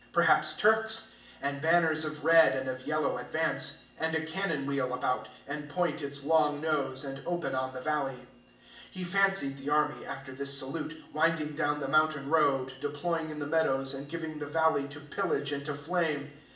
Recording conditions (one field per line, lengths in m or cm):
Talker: one person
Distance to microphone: 1.8 m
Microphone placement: close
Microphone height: 1.0 m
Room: large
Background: none